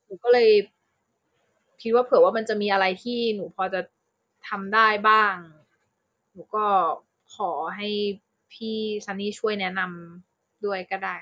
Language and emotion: Thai, frustrated